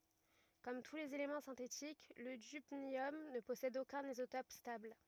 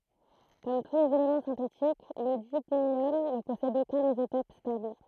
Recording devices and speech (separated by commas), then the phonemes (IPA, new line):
rigid in-ear microphone, throat microphone, read sentence
kɔm tu lez elemɑ̃ sɛ̃tetik lə dybnjɔm nə pɔsɛd okœ̃n izotɔp stabl